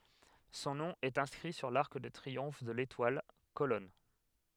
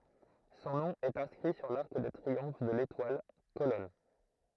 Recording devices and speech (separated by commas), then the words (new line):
headset microphone, throat microphone, read sentence
Son nom est inscrit sur l'arc de triomphe de l'Étoile, colonne.